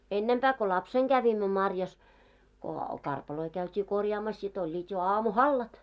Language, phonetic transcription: Finnish, 'ennempää ko "lapseŋ ɢävimmö marjas , ko , 'karpaloi käyt́ii 'koŕjaamas sit ‿oĺĺiit jo 'aamu"hallat .
- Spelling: ennempää kun lapsena kävimme marjassa kun karpaloita käytiin korjaamassa sitten olivat jo aamuhallat

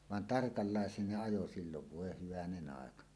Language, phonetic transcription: Finnish, van 'tarkallàes̀een ne ajo sillov 'vòe 'hyvänenⁿ ‿àeka .
- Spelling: vaan tarkalleen ne ajoi silloin voi hyvänen aika

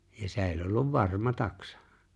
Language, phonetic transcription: Finnish, ja 'sè ‿o͕ĺ olluv "varma "taksa .
- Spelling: ja se oli ollut varma taksa

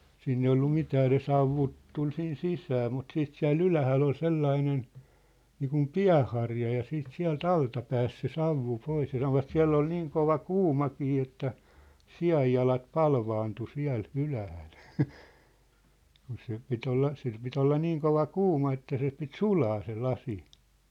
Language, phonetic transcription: Finnish, 'siin ‿ei ollu "mitää ne "sauvvut 'tul 'sin "sisää mut 'siit siä̭l̆"l ‿ylähäll ‿ol 'sellainen , niikum "piä̭ʰharja ja 'siit 'siä̭l"t ‿alta pääs se 'sauvvu 'pois ja sanovat "siä̭ll ‿ol "niiŋ kova "kuumakii että , "si₍ajjalat "palvaantu "siä̭l , "ylähäl , 'kun se , "pit ‿olla , 'sil pit ‿olla "niiŋ kova "kuuma 'että se pit "sulaa se "lasi .
- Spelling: siinä ei ollut mitään ne savut tuli sinne sisään mutta sitten siellä ylhäällä oli sellainen niin kuin pääharja ja sitten sieltä alta pääsi se savu pois ja sanovat siellä oli niin kova kuumakin että sianjalat palvaantui siellä ylhäällä kun se piti olla sillä piti olla niin kova kuuma että se piti sulaa se lasi

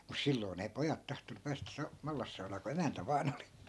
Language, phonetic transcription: Finnish, mus "silloi̮n ‿ei 'pojat 'tahtonu 'päästä sau- , 'mallassaunaa ku "emäntä 'vaan ‿oli .
- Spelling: mutta silloin ei pojat tahtonut päästä - mallassaunaan kun emäntä vain oli

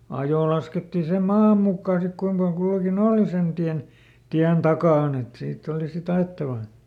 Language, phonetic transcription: Finnish, ˈajò ˈlasketti sem̆ "maam mukkaa sik ˈkuim pal ˈkullaki"n ‿ooli ˈsen ˈtiän , tiän "takàn ‿et ˈsiitˈt ‿oli sit ‿ˈa₍ettava .
- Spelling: ajo laskettiin sen maan mukaan sitten kuinka paljon kullakin oli sen tien tien takana että siitä oli sitten ajettava

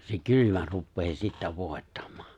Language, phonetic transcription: Finnish, se 'kylymä ruppee sittä 'vòettᴀM̀ᴀᴀ .
- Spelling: se kylmä rupeaa sitten voittamaan

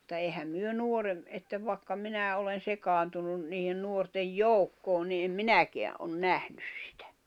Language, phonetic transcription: Finnish, [mut]ta 'èi̬häm myö 'nuorem- , että vài̬kka 'minä olen̬ 'sekaantunun , niijen 'nuortej "joukkoon ni em "minäkeä’ ’on "nähnys sɪtᴀ̈ .
- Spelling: mutta eihän me - että vaikka minä olen sekaantunut niiden nuorten joukkoon niin en minäkään ole nähnyt sitä

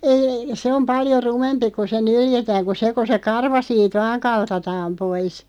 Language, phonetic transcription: Finnish, ei , se om 'paljo "rumempi ku se 'nyljetääŋ 'ko "se 'ko se "karva siit "vaaŋ 'kaltataam 'pois .
- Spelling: ei se on paljon rumempi kun se nyljetään kuin se kun se karva siitä vain kaltataan pois

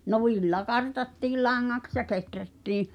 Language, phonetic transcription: Finnish, no 'villa "kartattiil 'laŋŋaks ja 'keträttiiḭ .
- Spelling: no villa kartattiin langaksi ja kehrättiin

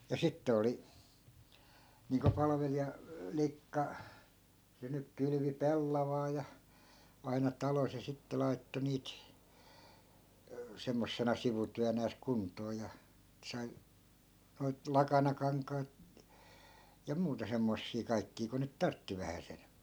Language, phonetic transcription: Finnish, ja 'sittᵉ oli , niiŋko 'palᵃvelija- , '-likka , 'se nyk 'kylʸvi "pellavaa ja , aina 'talos ja sitte 'lai̮tto 'niit , 'semmossena 'sivutyänääs 'kunt̆too ja , 'sai , noit "lakanakaŋkai̮(t) , ja 'muuta 'semmossii 'kai̮kkii ku nyt "tartti 'vähäsen .
- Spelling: ja sitten oli niin kuin - palvelijalikka se nyt kylvi pellavaa ja aina talossa ja sitten laittoi niitä semmoisena sivutyönään kuntoon ja sai noita lakanakankaita ja muuta semmoisia kaikkia kuin nyt tarvitsi vähäsen

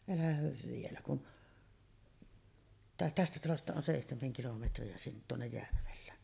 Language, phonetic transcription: Finnish, elähäv vielä kun , 'tästä talosta on "sèihtemeŋ 'kilometri₍a sin- , "tuonnej 'Järvel̆lään .
- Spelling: älähän vielä kun tästä talosta on seitsemän kilometriä - tuonne Järvelään

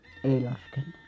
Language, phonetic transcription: Finnish, èi laskennA .
- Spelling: ei laskenut

